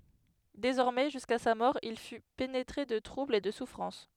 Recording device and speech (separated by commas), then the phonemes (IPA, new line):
headset microphone, read sentence
dezɔʁmɛ ʒyska sa mɔʁ il fy penetʁe də tʁubl e də sufʁɑ̃s